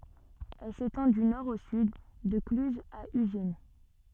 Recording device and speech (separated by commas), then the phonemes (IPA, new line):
soft in-ear microphone, read sentence
ɛl setɑ̃ dy nɔʁ o syd də klyzz a yʒin